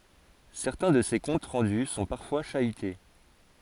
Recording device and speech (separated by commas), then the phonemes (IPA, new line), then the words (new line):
forehead accelerometer, read sentence
sɛʁtɛ̃ də se kɔ̃t ʁɑ̃dy sɔ̃ paʁfwa ʃayte
Certains de ces comptes rendus sont parfois chahutés.